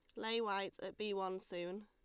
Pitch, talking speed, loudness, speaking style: 195 Hz, 220 wpm, -42 LUFS, Lombard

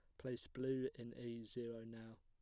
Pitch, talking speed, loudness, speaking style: 120 Hz, 180 wpm, -47 LUFS, plain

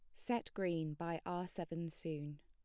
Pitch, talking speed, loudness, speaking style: 165 Hz, 165 wpm, -42 LUFS, plain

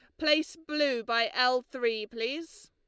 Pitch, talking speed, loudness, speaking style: 255 Hz, 145 wpm, -29 LUFS, Lombard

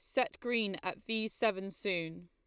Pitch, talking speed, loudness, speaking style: 200 Hz, 175 wpm, -35 LUFS, Lombard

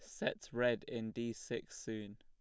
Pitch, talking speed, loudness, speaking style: 115 Hz, 180 wpm, -41 LUFS, plain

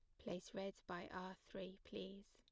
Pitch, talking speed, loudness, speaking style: 190 Hz, 170 wpm, -52 LUFS, plain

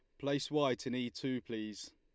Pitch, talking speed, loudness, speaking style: 125 Hz, 205 wpm, -37 LUFS, Lombard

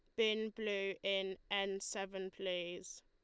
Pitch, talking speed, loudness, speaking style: 195 Hz, 125 wpm, -40 LUFS, Lombard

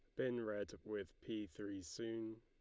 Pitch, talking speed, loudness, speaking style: 105 Hz, 165 wpm, -46 LUFS, Lombard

